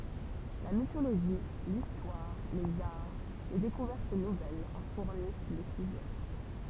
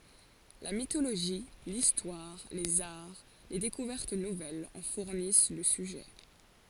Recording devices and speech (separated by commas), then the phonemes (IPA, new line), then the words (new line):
temple vibration pickup, forehead accelerometer, read sentence
la mitoloʒi listwaʁ lez aʁ le dekuvɛʁt nuvɛlz ɑ̃ fuʁnis lə syʒɛ
La mythologie, l’histoire, les arts, les découvertes nouvelles en fournissent le sujet.